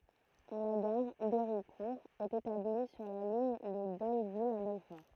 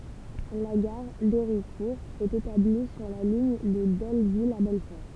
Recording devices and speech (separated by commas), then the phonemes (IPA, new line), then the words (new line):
throat microphone, temple vibration pickup, read sentence
la ɡaʁ deʁikuʁ ɛt etabli syʁ la liɲ də dolvil a bɛlfɔʁ
La gare d'Héricourt est établie sur la ligne de Dole-Ville à Belfort.